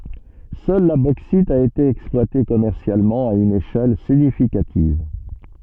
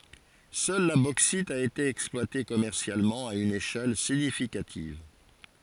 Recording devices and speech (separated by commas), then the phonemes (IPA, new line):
soft in-ear microphone, forehead accelerometer, read sentence
sœl la boksit a ete ɛksplwate kɔmɛʁsjalmɑ̃ a yn eʃɛl siɲifikativ